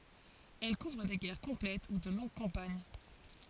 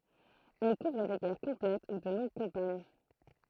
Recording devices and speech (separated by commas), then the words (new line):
forehead accelerometer, throat microphone, read sentence
Elles couvrent des guerres complètes ou de longues campagnes.